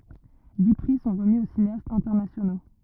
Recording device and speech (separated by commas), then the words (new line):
rigid in-ear microphone, read sentence
Dix prix sont remis aux cinéastes internationaux.